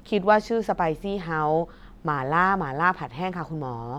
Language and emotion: Thai, neutral